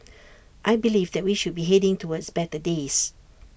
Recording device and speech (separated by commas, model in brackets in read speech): boundary microphone (BM630), read sentence